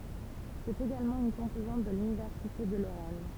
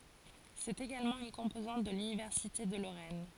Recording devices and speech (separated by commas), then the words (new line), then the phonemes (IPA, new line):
temple vibration pickup, forehead accelerometer, read sentence
C’est également une composante de l’université de Lorraine.
sɛt eɡalmɑ̃ yn kɔ̃pozɑ̃t də lynivɛʁsite də loʁɛn